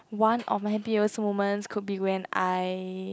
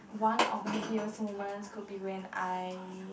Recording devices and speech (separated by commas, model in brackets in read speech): close-talking microphone, boundary microphone, conversation in the same room